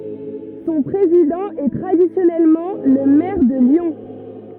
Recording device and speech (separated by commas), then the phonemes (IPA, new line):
rigid in-ear microphone, read sentence
sɔ̃ pʁezidɑ̃ ɛ tʁadisjɔnɛlmɑ̃ lə mɛʁ də ljɔ̃